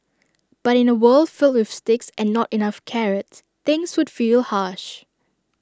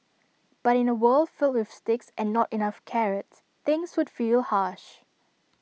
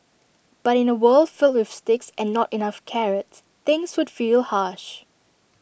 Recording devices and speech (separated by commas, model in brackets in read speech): standing microphone (AKG C214), mobile phone (iPhone 6), boundary microphone (BM630), read sentence